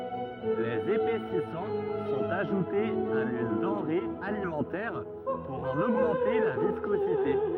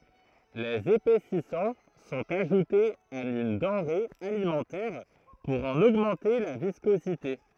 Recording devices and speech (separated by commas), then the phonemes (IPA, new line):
rigid in-ear microphone, throat microphone, read sentence
lez epɛsisɑ̃ sɔ̃t aʒutez a yn dɑ̃ʁe alimɑ̃tɛʁ puʁ ɑ̃n oɡmɑ̃te la viskozite